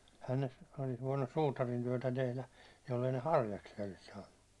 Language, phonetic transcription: Finnish, ehän ne , olis voinnus 'suutarin työtä tehlä , jollei ne "harjaksi₍a olis 'saannu .
- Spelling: eihän ne olisi voinut suutarin työtä tehdä jos ei ne harjaksia olisi saanut

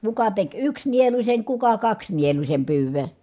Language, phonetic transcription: Finnish, kuka tek yks nieluśen , kuka kaks nieluśem pyyv̀ö .
- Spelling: kuka teki yksi nieluisen kuka kaksi nieluisen pyydön

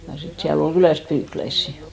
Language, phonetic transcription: Finnish, ja 'sit siä'l ‿ol "kylä̀st 'pyykläissi .
- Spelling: ja sitten siellä oli kylästä pyykkiläisiä

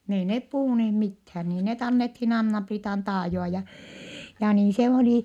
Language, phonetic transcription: Finnish, n ‿ei nep puhùneeh mithää , nii net annethin Anna-Priitan taajoa ja , ja niin se olì ,.
- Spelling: niin ei ne puhuneet mitään niin ne annettiin Anna-Priitan taajoa ja ja niin se oli

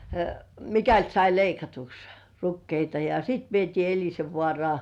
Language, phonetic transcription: Finnish, mikält sai 'leikatuks , "rukkeita ja , sit 'vietii "Eĺisevvŏàrŏà .
- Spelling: mikäli sai leikatuksi rukiita ja sitten vietiin Elisenvaaraan

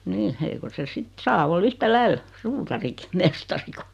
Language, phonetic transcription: Finnish, 'nii , 'eiko se 'sit 'saa ol 'yhtäläil , "suutariki , "mestari ku « ,.
- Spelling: niin eikö se sitten saa olla yhtä lailla suutarikin mestari kuin

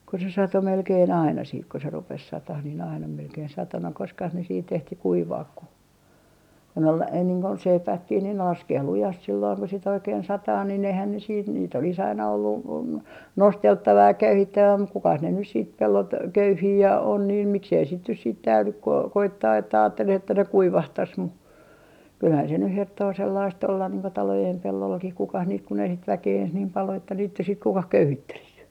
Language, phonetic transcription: Finnish, ko se sato 'melkeen "aina siit ko 'rupes 'satah nii'n ‿aina 'melkein 'sato no 'koskah ne siit ehti "kuivaak ku , kon ‿ol , ei niiŋ kun "seipääkkih niin ne 'laskee 'lujast sillooŋ ku si't ‿oikeen "sataa nin eihän ne siit niit ‿olis "aina ollu , "nostelttava ja "köyhittävä muk 'kukas ne nys siit 'pellot 'köyhii ja on niin , miksei sit nyt siit 'täylyk ku o - koittaa että , aatteleh ‿että ne 'kuivahtas mu , 'kylhän se nyh 'herttoo sellaist ollan niiŋ ko 'talojem 'pellollakih 'kukah niit kun ‿ei sit 'väkee eeh niim pal o että (riittäs) sit 'kukah "köyhittelis .
- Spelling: kun se satoi melkein aina sitten kun rupesi satamaan niin aina melkein satoi no koskas ne sitten ehti kuivaa kun kun oli ei niin kun seipäätkin niin ne laskee lujasti silloin kun sitten oikein sataa niin eihän ne sitten niitä olisi aina ollut nosteltava ja köyhittävä mutta kukas ne nyt sitten pellot köyhii ja on niin miksi ei sitten nyt sitten täydy kun - koittaa että ajattele että ne kuivahtaisi mutta kyllähän se nyt herttoo sellaista olla niin kuin talojen pellollakin kukas niitä kun ei sitä väkeä ei niin paljon ole että riittäisi sitten kukaan köyhittelisi

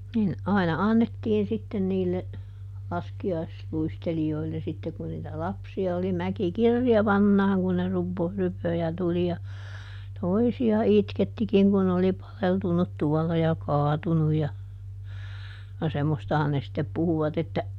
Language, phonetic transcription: Finnish, nin , "aina ˈannettiin sitten niille , ˈlaski₍aisluisteli₍oille ˈsitte kun niitä "lapsi₍a oli ˈmäki "kirjaˈvannaaŋ kun ne ˈrupo- , ˈrypö ja ˈtuli ja , ˈtoisi₍a "itkettikiŋ kun n ‿oli ˈpaleltunnut ˈtuɔlla ja "kaatunuj ja , ja ˈsemmostahan ne sⁱttep ˈpuhuvat ‿että ,.
- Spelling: niin aina annettiin sitten niille laskiaisluistelijoille sitten kun niitä lapsia oli mäki kirjavanaan kun ne - rypöi ja tuli ja toisia itkettikin kun ne oli paleltunut tuolla ja kaatunut ja ja semmoistahan ne sitten puhuivat että

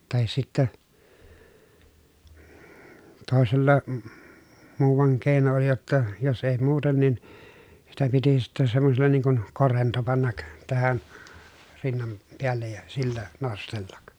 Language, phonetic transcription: Finnish, tahis sittä , tòesella , muuvaŋ kèi̮no oli jotta , jos ei muuten nin , sitä piti sittɛ sammosella niiŋ kun , korento pannak , tähän , rinnan , peällej ja , sillä nostellak .
- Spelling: tai sitten toisella muuan keino oli jotta jos ei muuten niin sitä piti sitten semmoisella niin kuin korento panna tähän rinnan päälle ja sillä nostella

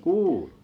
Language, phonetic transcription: Finnish, kuulu .
- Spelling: kuului

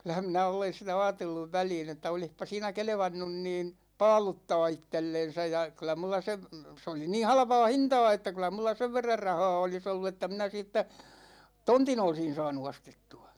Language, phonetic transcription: Finnish, 'kyl̆lähäm minä 'olen sitä "aatelluv 'väliin ‿että 'olihpa siinä "kelᵉvannun niin̬ , "paaluttaa 'ittellen̬sä ja , 'kyl̆lä mulla sev , se oli niin̬ "halpa̭a̭ "hinta̭a̭ että kyl̆lä mulla 'sev verrar 'rahaa 'olis ollu että minä 'siittä , "tontin 'olsin̬ saanu 'ostettu₍a .
- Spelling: kyllähän minä olen sitä ajatellut väliin että olisipa siinä kelvannut niin paaluttaa itsellensä ja kyllä minulla sen se oli niin halpaa hintaa että kyllä minulla sen verran rahaa olisi ollut että minä siitä tontin olisin saanut ostettua

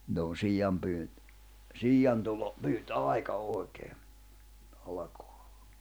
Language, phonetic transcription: Finnish, nʸt ‿on 'siiʲampyynt , "siiʲantulo , pyyt"’àika 'òi̬kee , alakᴏᴀ .
- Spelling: nyt on siianpyynti siiantulo pyyntiaika oikein alkaa

